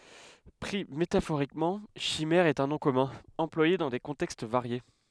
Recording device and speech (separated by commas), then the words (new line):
headset microphone, read sentence
Pris métaphoriquement, chimère est un nom commun, employé dans des contextes variés.